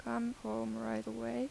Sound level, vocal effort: 83 dB SPL, soft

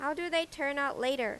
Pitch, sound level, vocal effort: 280 Hz, 91 dB SPL, loud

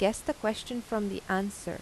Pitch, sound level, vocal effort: 215 Hz, 84 dB SPL, normal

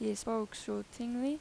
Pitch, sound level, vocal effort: 225 Hz, 86 dB SPL, loud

